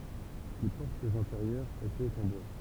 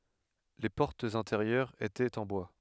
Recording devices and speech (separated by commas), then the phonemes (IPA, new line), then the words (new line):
temple vibration pickup, headset microphone, read sentence
le pɔʁtz ɛ̃teʁjœʁz etɛt ɑ̃ bwa
Les portes intérieures étaient en bois.